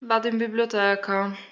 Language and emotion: Italian, sad